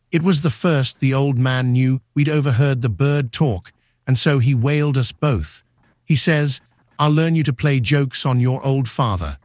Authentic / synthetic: synthetic